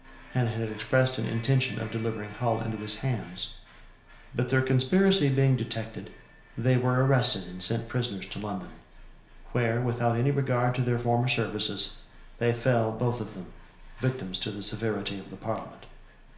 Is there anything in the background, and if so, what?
A television.